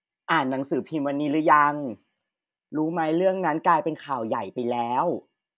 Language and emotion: Thai, neutral